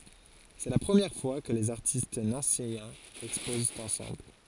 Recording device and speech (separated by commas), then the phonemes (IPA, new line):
forehead accelerometer, read sentence
sɛ la pʁəmjɛʁ fwa kə lez aʁtist nɑ̃sejɛ̃z ɛkspozt ɑ̃sɑ̃bl